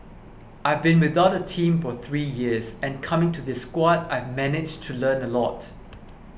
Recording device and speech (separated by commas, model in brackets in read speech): boundary microphone (BM630), read sentence